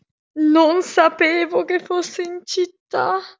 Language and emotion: Italian, fearful